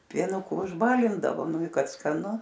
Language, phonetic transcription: Lithuanian, pieˈnuku užˈbalindavo ˈnu i ˈkad skaˈnu

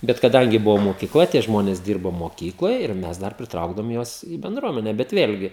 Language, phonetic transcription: Lithuanian, ˈbet kaˈdangi ˈbuvo mokiˈkla tie ˈžmonės ˈdyrbo moˈkykloj ir ˈmes dar priˈtraukdavom ˈjuos i benˈdruomene bet ˈvėlgi

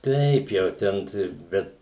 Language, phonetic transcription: Lithuanian, ˈteip jau ˈten tai ˈbet

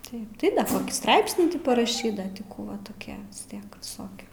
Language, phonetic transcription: Lithuanian, ˈtaip ˈtai ˈkokį ˈstraipsnį ˈti paraˈšyt ˈda ti ˈkų va toˈkie vis ˈtiek viˈsoki

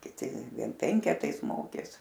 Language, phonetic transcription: Lithuanian, kiˈti ˈvien ˈpenketais ˈmokės

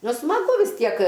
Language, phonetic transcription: Lithuanian, nu smaˈgu vis ˈtiek

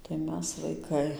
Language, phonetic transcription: Lithuanian, tai ˈmes vaiˈkai

